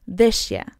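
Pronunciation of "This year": In 'this year', the s of 'this' and the y of 'year' blend into a sh sound.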